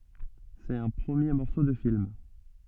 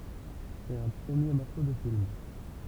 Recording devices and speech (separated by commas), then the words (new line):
soft in-ear microphone, temple vibration pickup, read sentence
C'est un premier morceau de film.